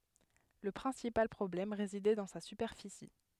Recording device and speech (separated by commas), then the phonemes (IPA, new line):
headset microphone, read sentence
lə pʁɛ̃sipal pʁɔblɛm ʁezidɛ dɑ̃ sa sypɛʁfisi